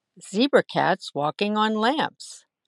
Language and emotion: English, sad